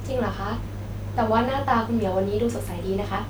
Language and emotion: Thai, neutral